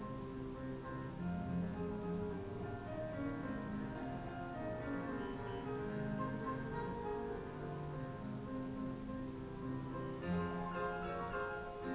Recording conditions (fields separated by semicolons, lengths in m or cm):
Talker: no one; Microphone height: 1.1 m; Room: small (3.7 m by 2.7 m); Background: music